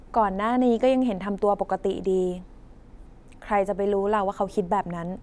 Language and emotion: Thai, neutral